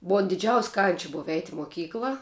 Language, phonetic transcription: Lithuanian, ˈbua diˈdžiaus' kanč' ˈbova eit' i moˈkykla

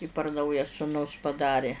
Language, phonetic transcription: Lithuanian, i par ˈnauja suˈnus paˈdarė

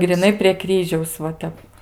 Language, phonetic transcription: Lithuanian, griˈnai prie ˈkryžiaus va ˈtep

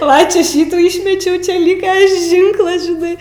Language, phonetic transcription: Lithuanian, va ˈčia ˈšitų ˈyšmečiau čia ˈlyka ˈžynklas žiˈnai

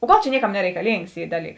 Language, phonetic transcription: Lithuanian, o ˈgal čia ˈnieˌkam nereikaˈlyngs ˈy ˈdaˌlyks

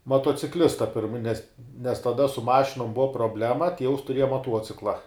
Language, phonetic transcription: Lithuanian, matuociˈklista pirm nes nes taˈda su ˈmašinum ˈbuva proˈblema ˈtieus tuˈrieja maˈtuocikla

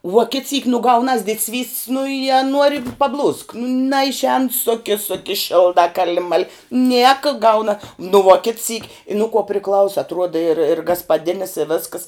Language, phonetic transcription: Lithuanian, vuo kit syk nu ˈgaunas didˈsvys't's' nu i a ˈnuori paˈblūsk naišˈēn ˈsoke ˈsoke ˈšildā ˈkali ˈmali ˈnieka ˈgauna nu vuo kit syk' i nu kuo priˈklausa atˈruoda ir ir gaspaˈdinis i ˈvėskas

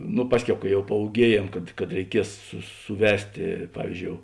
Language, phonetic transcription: Lithuanian, nu ˈpasˌkiau ka jau paūˈgiejėm kad kad reiˈkies su suˈvestė ˈpavyzˌdžiou

